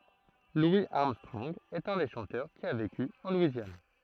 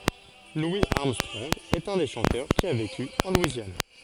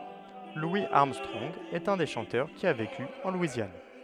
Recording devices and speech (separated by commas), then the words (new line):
throat microphone, forehead accelerometer, headset microphone, read sentence
Louis Armstrong est un des chanteurs qui a vécu en Louisiane.